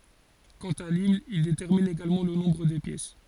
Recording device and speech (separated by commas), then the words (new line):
forehead accelerometer, read sentence
Quant à l'hymne, il détermine également le nombre des pièces.